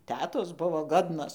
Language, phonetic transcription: Lithuanian, ˈtetos ˈbuvo ˈgodnos

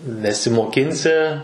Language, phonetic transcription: Lithuanian, nesimoˈkinsi

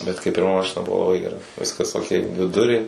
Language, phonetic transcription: Lithuanian, bet kaip pirˈma ˈmašina ˈbuvo laˈbai geˈra ˈviskas oˈkei dviˈdurė

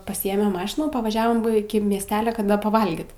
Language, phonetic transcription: Lithuanian, paˈsyėmėm ˈmašinų pavaˈžiavom iki miesˈtelia ka ˈda paˈvalgyt

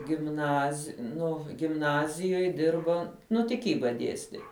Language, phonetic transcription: Lithuanian, gimˈnaz' ˈnu gimˈnazijoj ˈdirba ˈnu tiˈkyba ˈdiesti

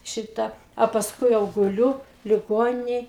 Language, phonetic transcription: Lithuanian, ˈšita a pasˈkui jau guˈliu liˈgoninej

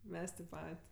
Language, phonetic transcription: Lithuanian, ˈmes tėp ˈpat'

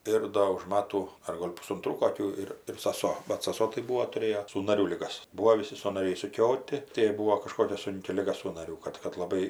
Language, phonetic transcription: Lithuanian, ˈir do už ˈmatų ar ˈgol' pusunˈtrų koˈkių ir ir saˈso bat saˈso tai ˈbūo tuˈrėjo sųnaˈrių liˈgas ˈbūo viˈsi sanaˈriai išsuˈkioti tai jai ˈbūo kaˈžkokia ˈsunki ˈliga sųnaˈrių ˈkad kad laˈbai

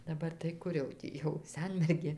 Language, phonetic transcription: Lithuanian, daˈbar tai ˈkur jau ˈtį jau ˈsenmergė

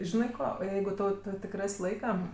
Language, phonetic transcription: Lithuanian, ˈžinai ˈko ˈjeigu ˈtau ˈtu tik ˈras' ˈlaika

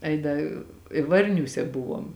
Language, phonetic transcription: Lithuanian, ˈai ˈda i ˈvarniūse ˈbuvom

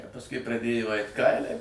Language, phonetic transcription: Lithuanian, a pasˈkui praˈdėjo ˈait ˈkailiai

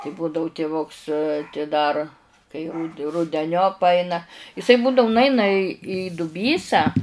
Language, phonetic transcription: Lithuanian, ti ˈbūdau tiˈvuks ti dar kai rud rudeˈniop ˈaina iˈsai ˈbūdau nuˈaina i į duˈbysą

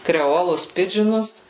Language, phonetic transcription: Lithuanian, kreˈolus ˈpidžinus

